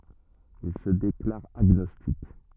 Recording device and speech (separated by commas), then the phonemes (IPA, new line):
rigid in-ear microphone, read sentence
il sə deklaʁ aɡnɔstik